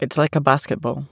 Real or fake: real